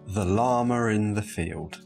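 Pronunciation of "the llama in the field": An r sound, an alveolar approximant, is inserted between 'llama' and 'in', linking the two words.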